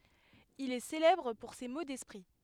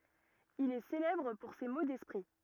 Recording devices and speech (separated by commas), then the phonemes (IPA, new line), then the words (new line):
headset microphone, rigid in-ear microphone, read sentence
il ɛ selɛbʁ puʁ se mo dɛspʁi
Il est célèbre pour ses mots d'esprit.